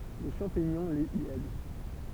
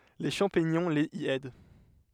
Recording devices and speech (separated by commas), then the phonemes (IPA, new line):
temple vibration pickup, headset microphone, read sentence
le ʃɑ̃piɲɔ̃ lez i ɛd